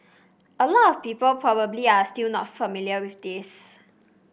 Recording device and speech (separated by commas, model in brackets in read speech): boundary microphone (BM630), read sentence